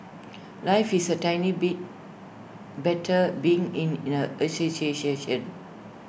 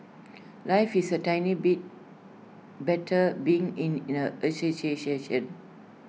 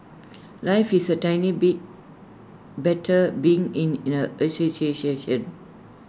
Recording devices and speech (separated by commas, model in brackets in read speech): boundary microphone (BM630), mobile phone (iPhone 6), standing microphone (AKG C214), read sentence